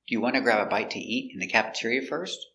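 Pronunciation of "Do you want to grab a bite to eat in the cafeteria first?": The stress falls on 'want', 'grab', 'bite', 'eat' and 'cafeteria'. This is a yes-or-no question, and the voice goes up at the end.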